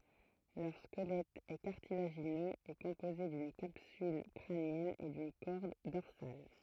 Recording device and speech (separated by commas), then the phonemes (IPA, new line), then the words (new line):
throat microphone, read sentence
lœʁ skəlɛt ɛ kaʁtilaʒinøz e kɔ̃poze dyn kapsyl kʁanjɛn e dyn kɔʁd dɔʁsal
Leur squelette est cartilagineux et composé d'une capsule crânienne et d'une corde dorsale.